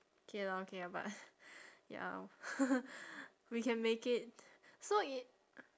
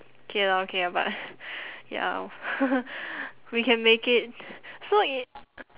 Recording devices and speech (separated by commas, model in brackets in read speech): standing microphone, telephone, conversation in separate rooms